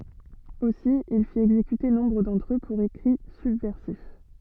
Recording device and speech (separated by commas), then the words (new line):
soft in-ear microphone, read sentence
Aussi, il fit exécuter nombre d'entre eux pour écrits subversifs.